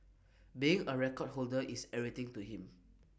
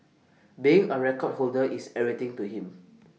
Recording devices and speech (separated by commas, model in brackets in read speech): boundary microphone (BM630), mobile phone (iPhone 6), read sentence